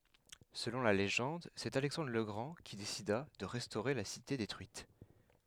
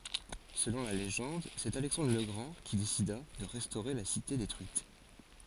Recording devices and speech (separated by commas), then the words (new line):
headset microphone, forehead accelerometer, read sentence
Selon la légende, c’est Alexandre le Grand qui décida de restaurer la cité détruite.